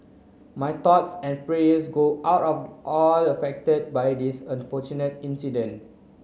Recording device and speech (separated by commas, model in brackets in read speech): mobile phone (Samsung C9), read sentence